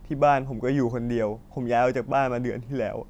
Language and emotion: Thai, sad